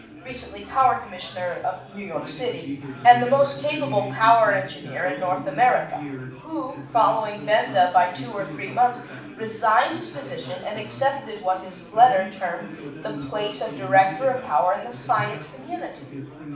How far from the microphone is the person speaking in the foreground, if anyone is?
5.8 m.